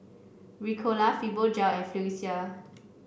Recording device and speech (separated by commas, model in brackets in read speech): boundary microphone (BM630), read sentence